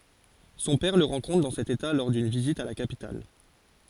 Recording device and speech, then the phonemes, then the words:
forehead accelerometer, read sentence
sɔ̃ pɛʁ lə ʁɑ̃kɔ̃tʁ dɑ̃ sɛt eta lɔʁ dyn vizit a la kapital
Son père le rencontre dans cet état lors d’une visite à la capitale.

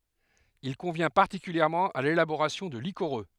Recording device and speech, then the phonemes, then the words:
headset microphone, read sentence
il kɔ̃vjɛ̃ paʁtikyljɛʁmɑ̃ a lelaboʁasjɔ̃ də likoʁø
Il convient particulièrement à l'élaboration de liquoreux.

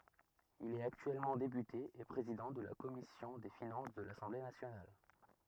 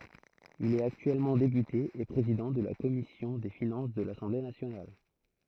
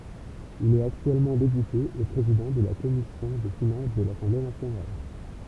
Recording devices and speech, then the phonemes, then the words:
rigid in-ear microphone, throat microphone, temple vibration pickup, read sentence
il ɛt aktyɛlmɑ̃ depyte e pʁezidɑ̃ də la kɔmisjɔ̃ de finɑ̃s də lasɑ̃ble nasjonal
Il est actuellement député et président de la commission des Finances de l'Assemblée nationale.

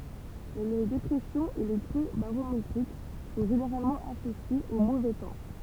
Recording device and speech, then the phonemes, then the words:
temple vibration pickup, read sentence
le depʁɛsjɔ̃z e le kʁø baʁometʁik sɔ̃ ʒeneʁalmɑ̃ asosjez o movɛ tɑ̃
Les dépressions et les creux barométriques sont généralement associés au mauvais temps.

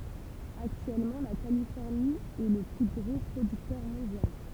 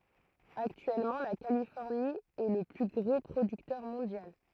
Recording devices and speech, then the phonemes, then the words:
temple vibration pickup, throat microphone, read sentence
aktyɛlmɑ̃ la kalifɔʁni ɛ lə ply ɡʁo pʁodyktœʁ mɔ̃djal
Actuellement la Californie est le plus gros producteur mondial.

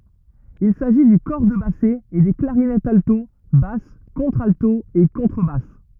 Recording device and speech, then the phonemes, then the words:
rigid in-ear microphone, read sentence
il saʒi dy kɔʁ də basɛ e de klaʁinɛtz alto bas kɔ̃tʁalto e kɔ̃tʁəbas
Il s'agit du cor de basset et des clarinettes alto, basse, contralto et contrebasse.

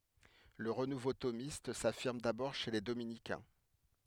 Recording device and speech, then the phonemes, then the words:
headset microphone, read sentence
lə ʁənuvo tomist safiʁm dabɔʁ ʃe le dominikɛ̃
Le renouveau thomiste s'affirme d'abord chez les dominicains.

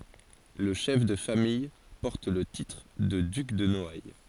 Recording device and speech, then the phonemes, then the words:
forehead accelerometer, read sentence
lə ʃɛf də famij pɔʁt lə titʁ də dyk də nɔaj
Le chef de famille porte le titre de duc de Noailles.

